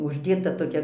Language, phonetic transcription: Lithuanian, užˈdėta toˈkia

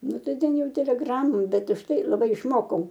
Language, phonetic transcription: Lithuanian, ˈnu ˈtai ˈten ˈjau teleˈgramom ˈbet užtˈai laˈbai išˈmokau

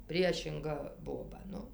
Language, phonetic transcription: Lithuanian, ˈpriešinga ˈboba ˈnu

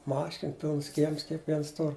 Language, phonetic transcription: Lithuanian, ˈmašin ˈpilns ˈkiems kiekˈviens ˈtur

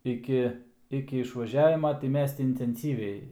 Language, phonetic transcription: Lithuanian, iˈki iki išvaˈžiavima tai ˈmes ti intenˈsyviai

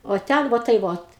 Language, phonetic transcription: Lithuanian, o ˈten ˈvo tai ˈvot

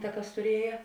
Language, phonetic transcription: Lithuanian, ta ˈkas tuˈrieja

